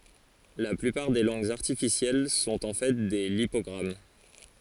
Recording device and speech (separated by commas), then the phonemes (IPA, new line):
forehead accelerometer, read sentence
la plypaʁ de lɑ̃ɡz aʁtifisjɛl sɔ̃t ɑ̃ fɛ de lipɔɡʁam